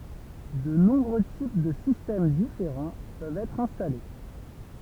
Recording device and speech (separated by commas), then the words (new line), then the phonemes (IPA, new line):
temple vibration pickup, read sentence
De nombreux types de systèmes différents peuvent être installés.
də nɔ̃bʁø tip də sistɛm difeʁɑ̃ pøvt ɛtʁ ɛ̃stale